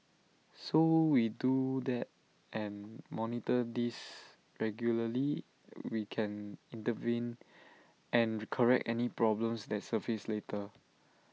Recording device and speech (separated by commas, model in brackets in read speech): mobile phone (iPhone 6), read sentence